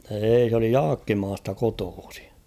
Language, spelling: Finnish, ei se oli Jaakkimasta kotoisin
- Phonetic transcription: 'eei s ‿oli "Jaakkimaasta 'kotoosɪ .

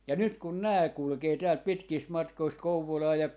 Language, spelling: Finnish, ja nyt kun nämä kulkee täältä pitkistä matkoista Kouvolaan ja
- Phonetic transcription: ja 'nyt kun 'nää 'kulkee täält 'pitkiist 'matkoist "Kouvolaa ja ,.

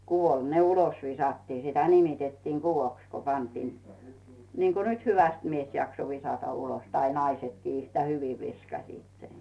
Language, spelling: Finnish, kuvolla ne ulos viskattiin sitä nimitettiin kuvoksi kun pantiin niin kuin nyt hyvästi mies jaksoi viskata ulos tai naisetkin yhtä hyvin viskasivat sen
- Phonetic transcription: 'kuvol "ne 'ulos 'visattii , 'sitä nimitettiiŋ "Guvoks ku 'pantiin , niiŋko 'nyt "hyväst 'mies jakso 'visata 'ulos tai 'naisetkii yhtä "hyvi 'viskasiit sen .

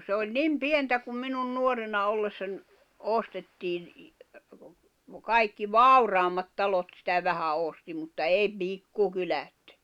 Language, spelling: Finnish, se oli niin pientä kun minun nuorena ollessani ostettiin kaikki vauraammat talot sitä vähän osti mutta ei pikkukylät
- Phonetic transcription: se oĺ "nim "pientä kum minun 'nuorena ollessań , 'ostettiin̬ , 'kaikki "vauraammat 'talot sⁱtä vähä 'òsti mutta 'ei "pikkukylät .

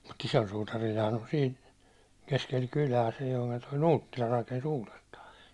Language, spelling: Finnish, mutta isolla suutarillahan on siinä keskellä kylää silloin kun tuo Nuuttila rakensi uudestaan
- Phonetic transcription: mut 'isol sutarilhaan on sin , keskel 'kulä sillᴏɪ kᴜɴ toi 'nuuttila raken's ‿uulestä .

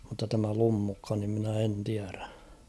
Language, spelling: Finnish, mutta tämä Lummukka niin minä en tiedä
- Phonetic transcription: mutta tämä 'Lummukka nim minä 'en tiärä .

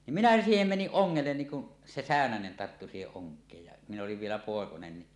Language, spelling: Finnish, niin minä siihen menin ongelle niin kun se säynänen tarttui siihen onkeen ja minä olin vielä poikanen niin
- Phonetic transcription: nim 'minä 'siihem 'meniˀ "ˀoŋŋellen niin kun , 'se "sä̀önänen tarttu siiheˀ 'ˀoŋk̀eej ja , min ‿oliv vielä 'pòekonen ni .

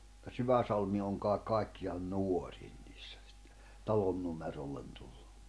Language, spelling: Finnish, mutta Syväsalmi on kaikki kaikkiaan nuorin niissä sitten talonnumerolle tullut
- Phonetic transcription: [mut]ta "Syväsalmi oŋ kài̬k 'kàikki₍an "nuorin ɴɪɪssᴀ̈ sɪttᴇ , 'talonnumerollen tullᴜ .

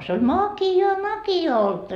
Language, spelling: Finnish, se oli makeaa olutta
- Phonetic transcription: se oĺ "maki₍aa oltta .

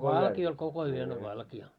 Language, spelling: Finnish, valkea oli koko yön oli valkea
- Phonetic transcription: 'valkii oĺ 'koko yön ‿o 'valki₍a .

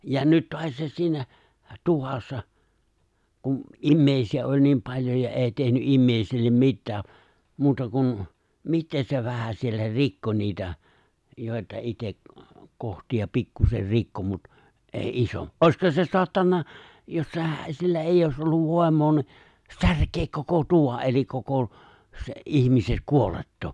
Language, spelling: Finnish, ja nyt taasiinsa siinä tuvassa kun ihmisiä oli niin paljon ja ei tehnyt ihmisille mitään muuta kuin mitä se vähän siellä rikkoi niitä joita itse kohtia pikkuisen rikkoi mutta ei - olisihan se saattanut jos sehän sillä ei olisi ollut voimaa niin särkeä koko tuvan eli koko sen ihmisen kuolettaa
- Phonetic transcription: ja 'nyt ('toasiisas) siinä , 'tuvassa , kun , '’immèisi₍ä '’oĺ niim 'paĺjoj ja 'èi tehny’ '’immèisillem 'mittää , 'muuta kun , "mittee 'se 'vähä siellä "rikko niitä , jòita 'itek , 'kohti₍a 'pikkuser "rikko mut , '’èi 'isom- "’òisha se 'soattanna , jos se̬hä sillä 'èijj ‿òis olluv 'vòi̬m̀oo ni , 'särkeek koko 'tuva ’elik koko , se’ '’ihmise’ , 'kuolettoo .

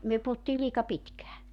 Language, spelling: Finnish, me puhuttiin liika pitkään
- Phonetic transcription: myö puhuttii 'liika 'pitkää .

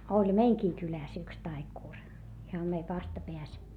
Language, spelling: Finnish, oli meidänkin kylässä yksi taikuri ihan meidän vastapäässä
- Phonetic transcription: oĺ meiŋkii kylä̀s yks taikùr , iham meiv vastapeäs .

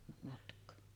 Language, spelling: Finnish, matkaa
- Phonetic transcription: matk̀oo .

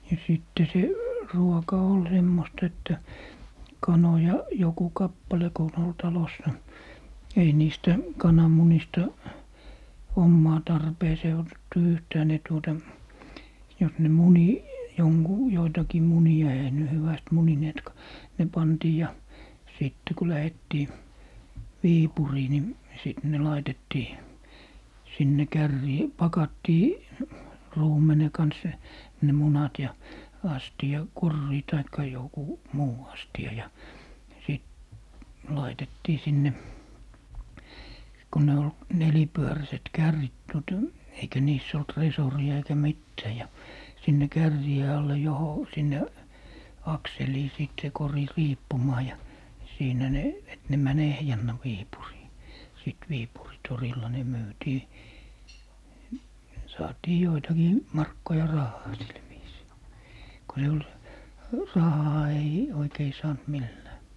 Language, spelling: Finnish, ja sitten se ruoka oli semmoista että kanoja joku kappale kun on oli talossa ei niistä kananmunista omaan tarpeeseen otettu yhtään ne tuota jos ne muni - joitakin munia eihän ne hyvästi munineetkaan ne pantiin ja sitten kun lähdettiin Viipuriin niin sitten ne laitettiin sinne kärriin pakattiin ruumenen kanssa ne munat ja - koriin tai joku muu astia ja sitten laitettiin sinne kun ne oli nelipyöräiset kärrit tuota eikä niissä ollut resoria eikä mitään ja sinne kärrien alle - sinne akseliin sitten se kori riippumaan ja siinä ne että ne meni ehjänä Viipuriin sitten Viipurin torilla ne myytiin saatiin joitakin markkoja rahaa sillä viisiin kun se oli rahaa ei oikein saanut millään
- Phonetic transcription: ja 'sìtte se , 'ruoka "ol 'semmosta että , 'kanoja , 'joku "kappale ko on ‿ol 'talossa , ei 'niistä , 'kanamunista , 'ommaa 'tarpeesee otettu 'yhtää ne tuota , jos ne "muni , 'joŋgu- , 'joitakii "muni₍a eihä ne 'hyväst 'munineetka , 'ne 'pantii ja , 'sìtte ku 'lähettii , "Viipurii ni , 'sìt ne 'laitettii , 'sinne "kärrii , 'pakattii , 'ruumene 'kans , ne 'munat ja , 'asti₍a- , 'korrii taikka joku , "muu 'asti₍a ja , sìt , "laitettii 'sinne , ko ne ol , 'nelipyöräset 'kärrit Duota , eikä 'niiss ‿olt "resori₍a 'eikä 'mittää ja , 'sinne "kärrì₍e alle 'joho - 'sinne , 'akselii sìt se 'kori "riippumaa ja , 'siinä ne , et ne 'män "ehjännä 'Wiipurii , 'sit 'Viipuri 'torilla ne 'myytii , 'saatii 'joitakii , 'markkoja "rahhaa sil viisii , ko se ol , 'rahaa ei , oikei 'saant "millää .

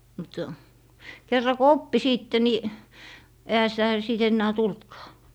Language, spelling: Finnish, mutta kerran kun oppi sitten niin eihän sitä sitten enää tullutkaan
- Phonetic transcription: mut , 'kerra ko "oppi 'siitte ni , ehä sitä , sìt 'ennää 'tultkaa .

